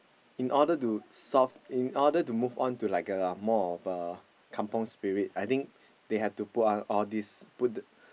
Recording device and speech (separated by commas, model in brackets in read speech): boundary microphone, conversation in the same room